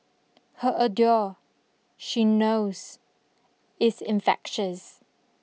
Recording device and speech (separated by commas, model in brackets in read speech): mobile phone (iPhone 6), read sentence